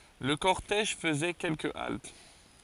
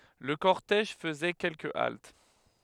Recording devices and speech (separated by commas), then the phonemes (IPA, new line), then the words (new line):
forehead accelerometer, headset microphone, read sentence
lə kɔʁtɛʒ fəzɛ kɛlkə alt
Le cortège faisait quelques haltes.